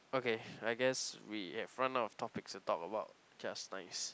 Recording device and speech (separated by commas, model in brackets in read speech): close-talking microphone, conversation in the same room